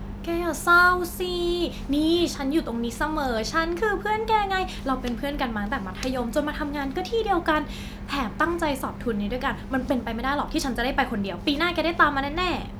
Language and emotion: Thai, happy